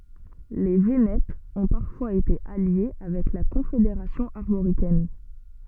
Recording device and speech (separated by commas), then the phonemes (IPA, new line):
soft in-ear microphone, read sentence
le venɛtz ɔ̃ paʁfwaz ete alje avɛk la kɔ̃fedeʁasjɔ̃ aʁmoʁikɛn